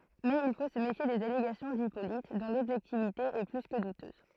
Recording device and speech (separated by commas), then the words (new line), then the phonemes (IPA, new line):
throat microphone, read sentence
Mais il faut se méfier des allégations d'Hippolyte, dont l'objectivité est plus que douteuse.
mɛz il fo sə mefje dez aleɡasjɔ̃ dipolit dɔ̃ lɔbʒɛktivite ɛ ply kə dutøz